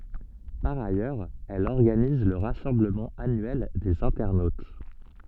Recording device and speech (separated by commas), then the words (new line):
soft in-ear microphone, read sentence
Par ailleurs, elle organise le rassemblement annuel des internautes.